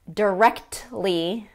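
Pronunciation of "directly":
In 'directly', the T is fully pronounced, not dropped or reduced the way it usually is in connected speech.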